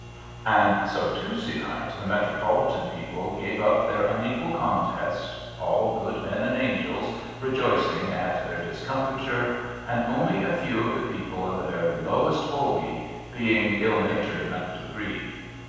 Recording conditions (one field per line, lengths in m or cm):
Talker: one person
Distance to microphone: 7.1 m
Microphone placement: far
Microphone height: 1.7 m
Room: very reverberant, large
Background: none